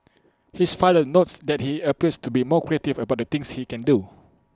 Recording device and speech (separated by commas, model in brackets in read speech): close-talking microphone (WH20), read sentence